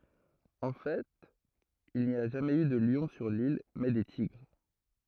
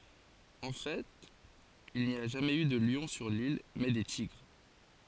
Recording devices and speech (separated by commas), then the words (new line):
throat microphone, forehead accelerometer, read sentence
En fait, il n'y a jamais eu de lion sur l'île, mais des tigres.